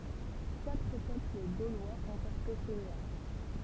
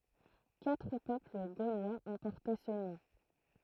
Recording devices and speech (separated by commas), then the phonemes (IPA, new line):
temple vibration pickup, throat microphone, read sentence
katʁ pøpl ɡolwaz ɔ̃ pɔʁte sə nɔ̃